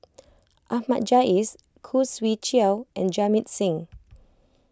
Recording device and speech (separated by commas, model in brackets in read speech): close-talking microphone (WH20), read sentence